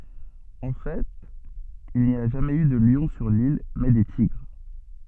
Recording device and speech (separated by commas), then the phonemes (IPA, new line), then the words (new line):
soft in-ear microphone, read sentence
ɑ̃ fɛt il ni a ʒamɛz y də ljɔ̃ syʁ lil mɛ de tiɡʁ
En fait, il n'y a jamais eu de lion sur l'île, mais des tigres.